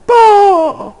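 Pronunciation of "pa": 'pa' is said on an ingressive pulmonic airstream: the air is drawn inward from the lungs, as in sobbing or crying.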